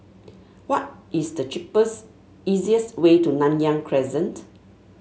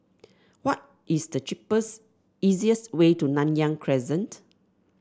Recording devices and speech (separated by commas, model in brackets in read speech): mobile phone (Samsung S8), standing microphone (AKG C214), read sentence